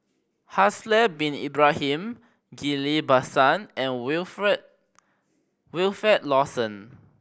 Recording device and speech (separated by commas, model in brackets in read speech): boundary microphone (BM630), read sentence